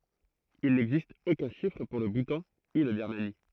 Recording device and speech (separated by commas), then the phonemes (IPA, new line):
throat microphone, read sentence
il nɛɡzist okœ̃ ʃifʁ puʁ lə butɑ̃ u la biʁmani